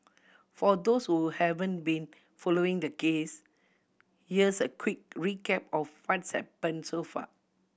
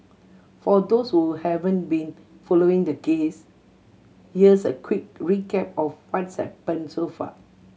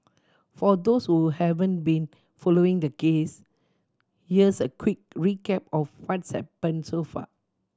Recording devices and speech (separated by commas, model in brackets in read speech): boundary microphone (BM630), mobile phone (Samsung C7100), standing microphone (AKG C214), read sentence